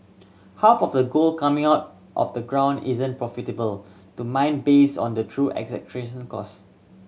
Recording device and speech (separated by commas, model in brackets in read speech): mobile phone (Samsung C7100), read sentence